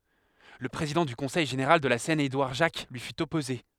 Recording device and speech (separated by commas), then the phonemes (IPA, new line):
headset microphone, read sentence
lə pʁezidɑ̃ dy kɔ̃sɛj ʒeneʁal də la sɛn edwaʁ ʒak lyi fyt ɔpoze